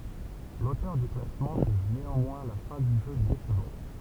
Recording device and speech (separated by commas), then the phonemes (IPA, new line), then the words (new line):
temple vibration pickup, read sentence
lotœʁ dy klasmɑ̃ ʒyʒ neɑ̃mwɛ̃ la fɛ̃ dy ʒø desəvɑ̃t
L'auteur du classement juge néanmoins la fin du jeu décevante.